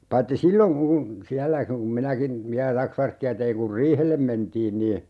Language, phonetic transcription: Finnish, 'paitti "silloŋ kun , 'siällä kum 'minäkin , viä(lä) "taksvärkki₍ä teiŋ kur "riihellem 'mentiin nii , .
- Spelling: paitsi silloin kun siellä kun minäkin vielä taksvärkkiä tein kun riihelle mentiin niin

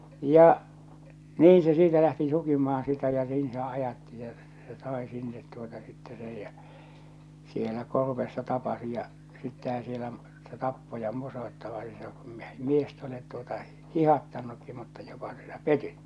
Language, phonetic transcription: Finnish, ja , "niiḭ se siitä lähti sukimahan sitä ja 'niin se ajatti se , se 'sàe sinnet tuota sitte sej jä , sielä 'korvessa "tapasi ja , sittehä sielä , se "tappo ja -- ni se kum 'miest ‿olet tuota , "hihattannukki mutta ᴊᴏpA sɪɴᴀ̈ "petyt tᴜᴏtᴀ .
- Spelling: ja niin se siitä lähti sukimaan sitä ja niin se ajatti se se sai sinne tuota sitten sen ja siellä korvessa tapasi ja sitten siellä se tappoi ja niin se kun miestä olet tuota hiihdättänytkin mutta jopa sinä petyt tuota

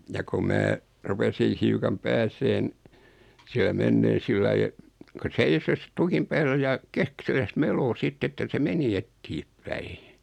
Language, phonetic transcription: Finnish, ja ko 'mää , 'rupesiin̬ hiukam 'pääseen , siälä 'menneen̬ 'sillai e(t) , ku 'seisos , 'tukim päällä ja , 'keksiläs "meloo 'sitt ‿että se 'meni "ettieppäi .
- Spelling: ja kun minä rupesin hiukan pääsemään siellä menemään sillä lailla että kun seiso tukin päällä ja keksillään meloi sitten että se meni eteenpäin

